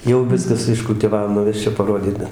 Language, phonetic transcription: Lithuanian, jau ˈviskas iškultiˈvav nuˈvesčiau paˈrodyt ˈbet

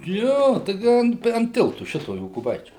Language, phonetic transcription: Lithuanian, ˈjo taiˈgi an an ˈtiltu ˈšito jokuˈbaičių

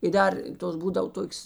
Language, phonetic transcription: Lithuanian, i ˈdar ˈtos ˈbūdav ˈtokios

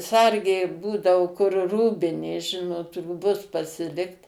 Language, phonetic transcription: Lithuanian, ˈsargė ˈbūdavo kur ˈrūbinė ˈžinot rūˈbus pasiˈlikt

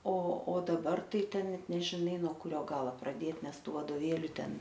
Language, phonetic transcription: Lithuanian, o o daˈbar ˈtai ˈten ˈnet nežiˈnai no kuˈrio ˈgalo praˈdėt ˈnes ˈtų vadoˈvėliu ˈten

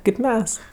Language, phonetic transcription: Lithuanian, kėp ˈmes

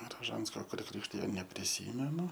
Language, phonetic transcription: Lithuanian, raˈžansko kur ˈkrikštijo nepriˈsymenu

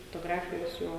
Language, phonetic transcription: Lithuanian, fotoˈgrafija viˈsų

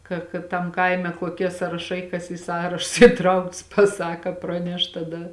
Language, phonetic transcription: Lithuanian, ˈka ka ˈtam ˈkaime koˈkie sąraˈšai kas į ˈsąrašus įˈtraukts paˈsaka ˈpraneš taˈda

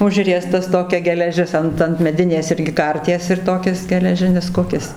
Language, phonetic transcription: Lithuanian, ˈužriestas ˈtokia geleˈžis ˈant ant meˈdinės ˈirgi ˈkarties ir ˈtokis geleˈžinis ˈkukis

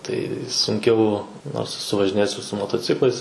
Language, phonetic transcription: Lithuanian, tai sunˈkiau nors eˈsu važiˈnėjes ir su motoˈciklais

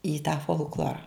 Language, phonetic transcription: Lithuanian, į tą folkˈlora

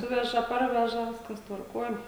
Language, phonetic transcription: Lithuanian, ˈsuveža ˈparveža ˈviskas tvarˈkuoj

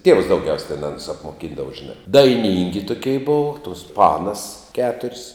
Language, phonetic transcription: Lithuanian, tievs dauˈgiaus' ten ˈanus apmoˈkindava žiˈnā daiˈnyngi tuˈkei ˈbova tuos ˈpanas ˈketur's'

